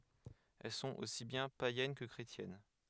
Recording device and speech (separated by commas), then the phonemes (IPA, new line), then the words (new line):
headset microphone, read sentence
ɛl sɔ̃t osi bjɛ̃ pajɛn kə kʁetjɛn
Elles sont aussi bien païennes que chrétiennes.